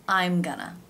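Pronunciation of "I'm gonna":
'I'm gonna' is said with no pause between the words, so it melts together almost as if it were one longer word.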